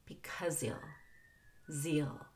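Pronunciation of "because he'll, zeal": In 'because he'll', the h of 'he'll' is dropped and the end of 'because' links to it, so 'he'll' sounds like 'zeal'.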